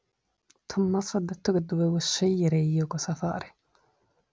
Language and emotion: Italian, angry